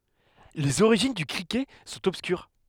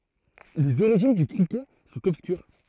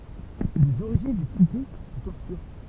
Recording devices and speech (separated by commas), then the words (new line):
headset microphone, throat microphone, temple vibration pickup, read sentence
Les origines du cricket sont obscures.